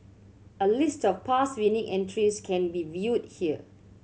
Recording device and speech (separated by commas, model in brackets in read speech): mobile phone (Samsung C7100), read sentence